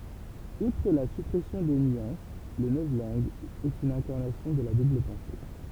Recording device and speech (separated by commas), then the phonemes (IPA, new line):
temple vibration pickup, read sentence
utʁ la sypʁɛsjɔ̃ de nyɑ̃s lə nɔvlɑ̃ɡ ɛt yn ɛ̃kaʁnasjɔ̃ də la dubl pɑ̃se